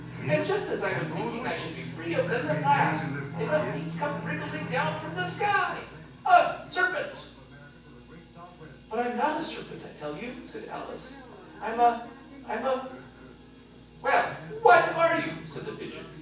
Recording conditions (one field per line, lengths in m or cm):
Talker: one person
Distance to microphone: 9.8 m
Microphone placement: far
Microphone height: 1.8 m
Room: large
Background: television